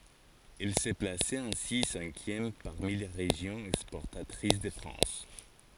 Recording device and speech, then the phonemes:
forehead accelerometer, read sentence
ɛl sə plasɛt ɛ̃si sɛ̃kjɛm paʁmi le ʁeʒjɔ̃z ɛkspɔʁtatʁis də fʁɑ̃s

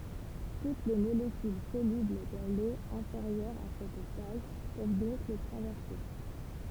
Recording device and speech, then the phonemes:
temple vibration pickup, read sentence
tut le molekyl solybl dɑ̃ lo ɛ̃feʁjœʁ a sɛt taj pøv dɔ̃k lə tʁavɛʁse

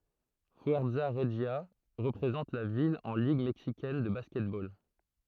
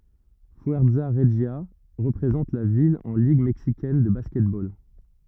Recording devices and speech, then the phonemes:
throat microphone, rigid in-ear microphone, read sentence
fyɛʁza ʁəʒja ʁəpʁezɑ̃t la vil ɑ̃ liɡ mɛksikɛn də baskɛtbol

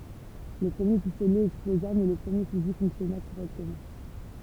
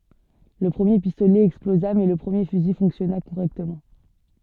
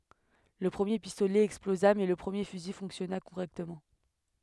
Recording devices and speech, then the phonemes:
temple vibration pickup, soft in-ear microphone, headset microphone, read sentence
lə pʁəmje pistolɛ ɛksploza mɛ lə pʁəmje fyzi fɔ̃ksjɔna koʁɛktəmɑ̃

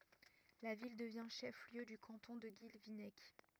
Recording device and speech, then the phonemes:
rigid in-ear microphone, read sentence
la vil dəvjɛ̃ ʃɛf ljø dy kɑ̃tɔ̃ də ɡilvinɛk

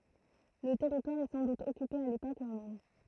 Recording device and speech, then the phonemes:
throat microphone, read sentence
lə tɛʁitwaʁ ɛ sɑ̃ dut ɔkype a lepok ʁomɛn

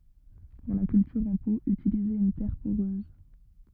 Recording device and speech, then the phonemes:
rigid in-ear microphone, read sentence
puʁ la kyltyʁ ɑ̃ po ytilizez yn tɛʁ poʁøz

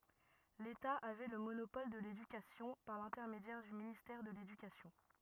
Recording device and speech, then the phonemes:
rigid in-ear microphone, read sentence
leta avɛ lə monopɔl də ledykasjɔ̃ paʁ lɛ̃tɛʁmedjɛʁ dy ministɛʁ də ledykasjɔ̃

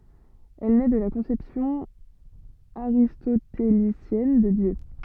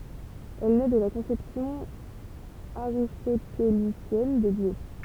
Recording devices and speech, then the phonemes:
soft in-ear microphone, temple vibration pickup, read sentence
ɛl nɛ də la kɔ̃sɛpsjɔ̃ aʁistotelisjɛn də djø

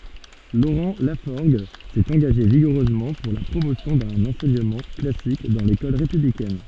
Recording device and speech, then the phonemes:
soft in-ear microphone, read sentence
loʁɑ̃ lafɔʁɡ sɛt ɑ̃ɡaʒe viɡuʁøzmɑ̃ puʁ la pʁomosjɔ̃ dœ̃n ɑ̃sɛɲəmɑ̃ klasik dɑ̃ lekɔl ʁepyblikɛn

